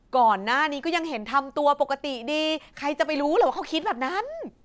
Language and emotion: Thai, frustrated